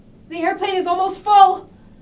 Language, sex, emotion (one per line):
English
female
fearful